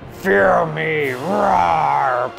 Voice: Deep draconic voice